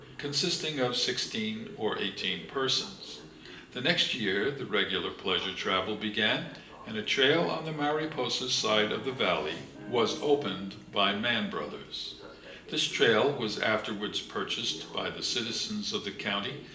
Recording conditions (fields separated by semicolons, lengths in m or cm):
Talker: one person; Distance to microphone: 1.8 m; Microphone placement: close; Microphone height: 1.0 m; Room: large; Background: television